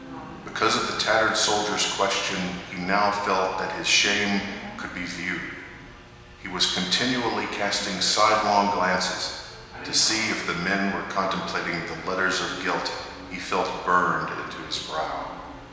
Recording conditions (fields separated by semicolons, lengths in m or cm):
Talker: one person; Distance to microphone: 1.7 m; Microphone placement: close; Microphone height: 1.0 m; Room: very reverberant, large; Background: television